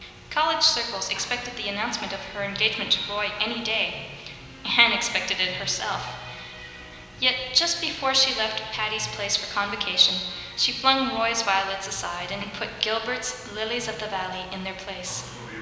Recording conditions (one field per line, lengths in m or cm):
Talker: one person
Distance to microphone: 1.7 m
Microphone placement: close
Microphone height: 1.0 m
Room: very reverberant, large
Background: television